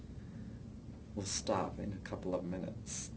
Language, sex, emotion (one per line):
English
male
neutral